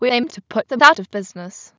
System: TTS, waveform concatenation